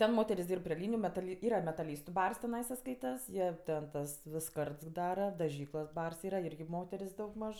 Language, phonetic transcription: Lithuanian, ˈten ˈmoteris ˈdyrb pri ˈlyniju metaˈli ˈyra metaˈlystu ˈbars tiˈnaisa ˈskaitas ˈjie ten ˈtas ˈvis ˈskards ˈdara daˈžyklos ˈbars ˈyra ˈirgi ˈmoter's' daugˈmaž

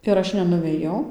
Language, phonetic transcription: Lithuanian, ir ˈaš nenuvėˈjau

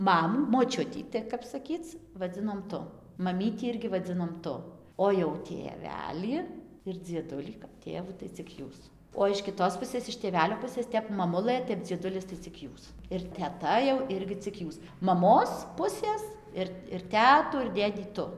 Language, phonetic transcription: Lithuanian, ˈmamų moˈčiutį ti kap saˈkyc vaˈdzinom ˈtu maˈmytį ˈirgi vaˈdzinom ˈtu o jau tėˈvelį ir dzieˈdulį kap ˈtėvų tai cik ˈjūs o iš kiˈtos ˈpusės iš tėˈvelio ˈpusės ˈtep maˈmulɘ ˈtep dzieˈdulis tai cik ˈjūs ir teˈta jau ˈirgi ik ˈjūs maˈmos ˈpusės ir ir ˈtetų ir ˈdėdį ˈtu

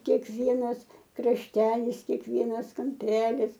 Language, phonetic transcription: Lithuanian, kėkˈvienas krašˈtelis kėkˈvienas kamˈpelis

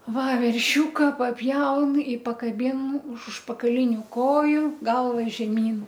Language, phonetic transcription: Lithuanian, ˈva verˈšiūka paˈpjaun i pakaˈbin už užpakaˈliniu ˈkoju ˈgalva žeˈmyn

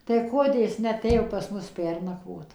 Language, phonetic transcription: Lithuanian, tai ˈkodė ˈjis neaˈtėjo pas ˈmus ˈpernakvot

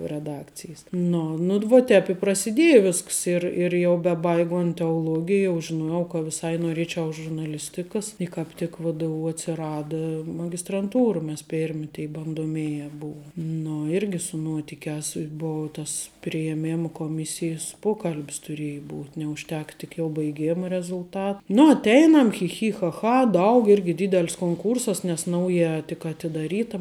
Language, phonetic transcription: Lithuanian, reˈdakcijes ˈnu nu d vo ˈtēp i prasiˈdieja ˈvisks ˈir ir jau beˈbaigont teoˈlogij jau žiˈnojau ka viˈsai noˈrėčiau žurnaˈlistikas i kāp ˈtik vdu atsiˈrada magistranˈtūra mes ˈpėrmi tė bandoˈmėje ˈbuum nu ˈirgi su ˈnuotikiās i ˈbou ˈtas prijeˈmėma koˈmisijes ˈpokalb's tuˈrėji ˈbūt' neužˈtek tik jau baiˈgėma rezulˈta nu atˈeinam chi ˈchi cha ˈcha ˈdaug ˈirgi ˈdydel's konˈkūrsas nes ˈnaujā tik atidaˈryta

